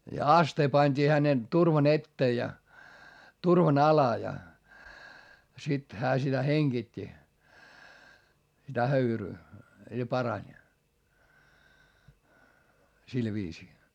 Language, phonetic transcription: Finnish, ja astee pańD'ii hänen , turvan ‿ettee ja , turvan ‿ala ja , sit hää sitä heŋGit́t́i , sitä höyryy , ja parań , sil viisii .
- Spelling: ja astia pantiin hänen turvan eteen ja turvan alle ja sitten hän sitä hengitti sitä höyryä ja parani sillä viisiin

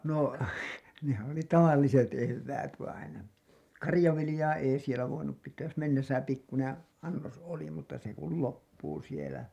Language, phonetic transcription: Finnish, no , nehän oli "tavalliset 'evväät vainen , "karĭjav̆vilĭjaa 'èi sielä 'voinup pit̆tääj jos mennesä 'pikkunen , annos oli mutta 'se ‿kul "loppuu sielä .
- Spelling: no nehän oli tavalliset eväät vainen karjanviljaa ei siellä voinut pitää jos mennessä pikkuinen annos oli mutta se kun loppuu siellä

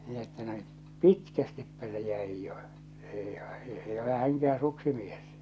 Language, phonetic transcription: Finnish, min ‿että no , "pitkästippä se jäij jo , 'èi , 'èi ole 'häŋkä₍ää̰ "suksimies .
- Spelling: minä että no pitkästipä se jäi jo ei ei ole hänkään suksimies

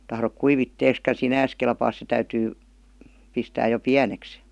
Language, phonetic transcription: Finnish, tahrok 'kuivit"teeska "sinääs kelpaas se 'täytyy , 'pistääj jo "piäneks .
- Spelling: tahdo kuivitteeksikaan sinänsä kelpaa se täytyy pistää jo pieneksi

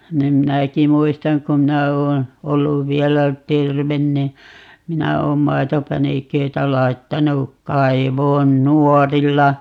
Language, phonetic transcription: Finnish, 'nim "minäki 'muistaŋ ku "mⁱnä oon , 'olluv 'viɛlä "terven ni , 'minä oom 'mai̮topäniköitä 'lai̮ttanu , 'kaivoon "nuorilla .
- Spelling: niin minäkin muistan kun minä olen ollut vielä terve niin minä olen maitopäniköitä laittanut kaivoon nuorilla

